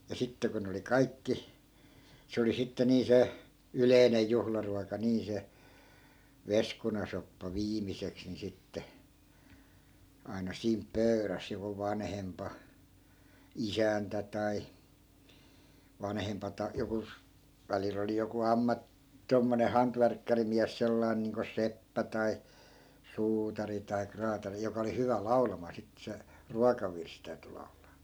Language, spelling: Finnish, ja sitten kun ne oli kaikki se oli sitten niin se yleinen juhlaruoka niin se veskunasoppa viimeiseksi niin sitten aina siinä pöydässä joku vanhempi isäntä tai vanhempi - joku välillä oli joku - tuommoinen hantvärkkärimies sellainen niin kuin seppä tai suutari tai kraatari joka oli hyvä laulamaan sitten se ruokavirsi täytyi laulaa
- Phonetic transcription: ja 'sitte ko ne oli "kaikki , 'se oli sitte nii 'se , "yleinej̆ 'juhlaruaka nii 'se , 'veskunasoppa 'viimiseks ni 'sitte , ai̮na 'siimp "pöy̬räs joku 'vanhempa , "isäntä tai , 'vanhempa ta- , 'joku , 'välil ‿oli joku 'amma- , 'tommone 'hantvärkkärimiäs 'sellai̮n niiŋko "seppä tai , "suutari tai 'kraatari joka oli 'hyvä 'lau̬lamaa sittᵉ se , "ruokavirs 'täyty lau̬laa .

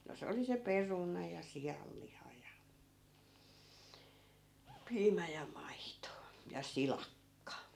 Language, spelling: Finnish, no se oli se peruna ja sianliha ja piimä ja maito ja silakka
- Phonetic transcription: no 'se oli se "peruna ja "sijalliha ja , 'piimä ja 'maito , ja "silakka .

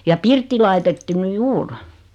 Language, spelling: Finnish, ja pirtti laitettu nyt juuri
- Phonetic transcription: ja 'pirtti laitettu 'ny "juur .

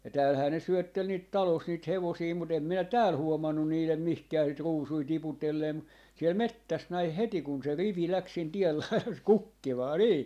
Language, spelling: Finnish, ja täällähän ne syötteli niitä talossa niitä hevosia mutta en minä täällä huomannut niiden mihinkään niitä ruusuja tiputelleen - siellä metsässä näin heti kun se rivi lähti sen tien laidassa kukkimaan niin
- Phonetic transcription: ja 'täälhää ne 'syöttel niit "talos niit 'hevosii mu't ‿em 'minä "tääl 'huomannun 'niilem "mihkää niit "ruusui 'tiputelleem mu- , siel "mettäs 'näih "heti kun se 'rivi 'läks sen 'tiel lailas "kukkimaa 'nii .

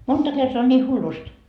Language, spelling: Finnish, monta kertaa on niin hullusti
- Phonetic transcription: 'monta kertoa on ńii hullust .

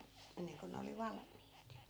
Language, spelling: Finnish, ennen kuin ne oli valmiit
- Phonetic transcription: 'enneŋko ne oli "valm̆miit .

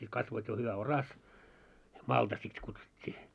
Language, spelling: Finnish, sitten kasvoi jo hyvä oras malta sitä kutsuttiin
- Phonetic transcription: sit kasvoit jo hyvä "oras , 'malta sit kutsut́t́ii .

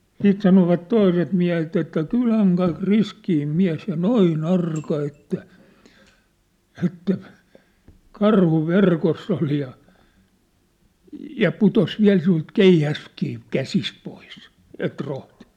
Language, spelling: Finnish, sitten sanoivat toiset miehet että kylän kaikki riskein mies ja noin arka että että karhu verkossa oli ja ja putosi vielä sinulta keihäskin käsistä pois et rohtinut
- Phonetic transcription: 'siit sanovat 'toiset miähet ‿että , » 'kyläŋ kaik 'riskiim 'miä̭s ja "noi"n ‿arka että , ɛttä , "karhu "verkoss ‿ol ja , ja 'putos 'viä̭l siⁿult "keihäskii , "käsist pois , 'et rohtɪɴ . «

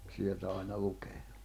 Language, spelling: Finnish, sieltä aina lukemaan
- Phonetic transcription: 'sieltä àina 'lukee .

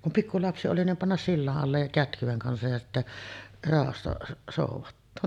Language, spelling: Finnish, kun pikkulapsi oli niin panna sillan alle ja kätkyen kanssa ja sitten rauhassa soudattaa
- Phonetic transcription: kum 'pikkulapsi oli nim 'pannas "silla’ '’allej ja "kätkyᵛeŋ 'kansaj ja sittä , ràohassa sòuvattoo .

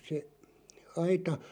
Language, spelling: Finnish, se aita
- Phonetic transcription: se , 'aita .

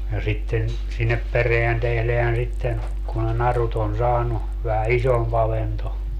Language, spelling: Finnish, ja sitten sinne perään tehdään sitten kun ne narut on saanut vähän isompi avanto
- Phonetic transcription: ja 'sitten , sinnep 'pereän 'tehleän sitten , ku ne 'narut on 'saanu , vähä "isom'p ‿avento .

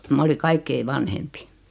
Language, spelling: Finnish, minä oli kaikkein vanhempi
- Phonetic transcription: 'ma oli "kaikkei 'vanhempi .

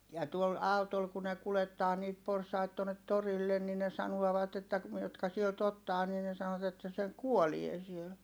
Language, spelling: Finnish, ja tuolla autolla kun ne kuljettaa niitä porsaita tuonne torille niin ne sanovat että - jotka sieltä ottaa niin ne sanoivat että se kuolee siellä
- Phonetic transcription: ja tuol autol ku ne kulettaa niit porsait tuonnet torillen ni ne sanuɔvat ‿että ku- , jotka sielt ‿ottaa nii ne sanot ‿että se kuolie siel .

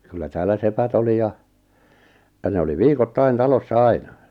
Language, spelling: Finnish, kyllä täällä sepät oli ja ja ne oli viikoittain talossa aina
- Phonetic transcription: 'kyllä täällä 'sepät ‿oli ja , ja 'ne oli "viikottain 'talossa "aina .

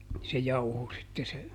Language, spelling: Finnish, se jauhoi sitten se
- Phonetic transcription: se ˈjauho sitte se ,.

